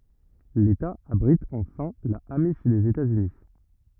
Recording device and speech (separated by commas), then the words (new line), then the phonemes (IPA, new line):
rigid in-ear microphone, read sentence
L'État abrite enfin la amish des États-Unis.
leta abʁit ɑ̃fɛ̃ la amiʃ dez etaz yni